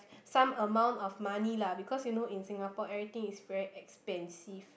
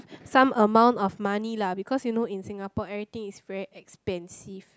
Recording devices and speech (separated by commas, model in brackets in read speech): boundary microphone, close-talking microphone, conversation in the same room